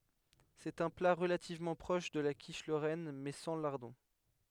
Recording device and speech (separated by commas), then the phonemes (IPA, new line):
headset microphone, read sentence
sɛt œ̃ pla ʁəlativmɑ̃ pʁɔʃ də la kiʃ loʁɛn mɛ sɑ̃ laʁdɔ̃